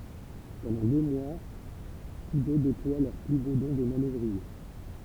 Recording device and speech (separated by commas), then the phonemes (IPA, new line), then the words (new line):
temple vibration pickup, read sentence
pɑ̃dɑ̃ dø mwa tus dø deplwa lœʁ ply bo dɔ̃ də manœvʁie
Pendant deux mois, tous deux déploient leurs plus beaux dons de manœuvriers.